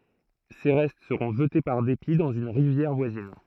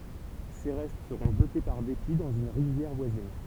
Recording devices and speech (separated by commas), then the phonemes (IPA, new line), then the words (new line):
throat microphone, temple vibration pickup, read sentence
se ʁɛst səʁɔ̃ ʒəte paʁ depi dɑ̃z yn ʁivjɛʁ vwazin
Ses restes seront jetés par dépit dans une rivière voisine.